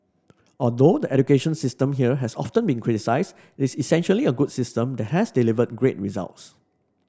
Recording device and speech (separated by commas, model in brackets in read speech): standing microphone (AKG C214), read sentence